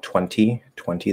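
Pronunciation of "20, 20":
'Twenty' is said twice, and each time its vowel is reduced to a schwa.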